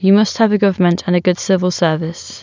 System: none